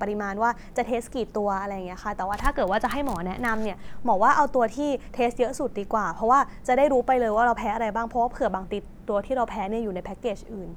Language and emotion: Thai, neutral